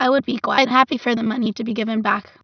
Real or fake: fake